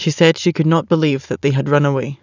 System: none